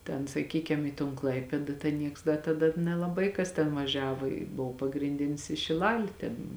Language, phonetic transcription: Lithuanian, ˈten saˈkykem į ton ˈklaipėda ten ˈnieks da taˈda nelaˈbai ˈkas ten vaˈžiavo i ˈbov pagrinˈdinis i šiˈlali tėn

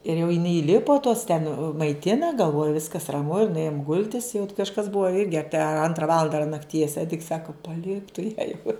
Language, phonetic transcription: Lithuanian, ir jau iˈnai įˈlipo tos ten maiˈtina galˈvoju ˈviskas raˈmu ir nuˈėjom ˈgultis jau kažˈkas ˈbua ˈirgi ˈapie ˈantrą ˈvalanda ar nakˈties ˈediks ˈsaka paˈlik tu ją jau

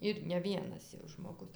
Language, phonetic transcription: Lithuanian, ir ne ˈvienas jau žmoˈgus

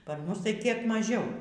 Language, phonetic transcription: Lithuanian, ˈpar ˈmus tai kiek maˈžiau

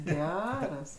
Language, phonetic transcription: Lithuanian, ˈgeras

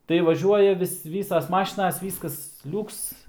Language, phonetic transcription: Lithuanian, tai vaˈžiuoja vis ˈvysas ˈmašinas ˈvyskas ˈliuks

